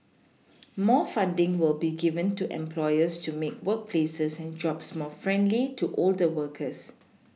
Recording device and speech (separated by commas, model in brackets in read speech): mobile phone (iPhone 6), read sentence